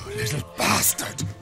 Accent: German accent